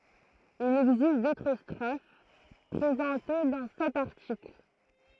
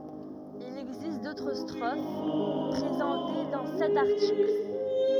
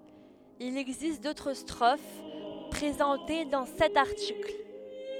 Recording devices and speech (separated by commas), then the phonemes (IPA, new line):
throat microphone, rigid in-ear microphone, headset microphone, read sentence
il ɛɡzist dotʁ stʁof pʁezɑ̃te dɑ̃ sɛt aʁtikl